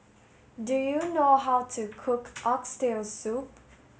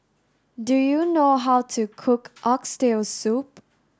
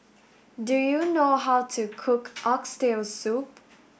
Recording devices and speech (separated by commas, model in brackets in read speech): mobile phone (Samsung S8), standing microphone (AKG C214), boundary microphone (BM630), read sentence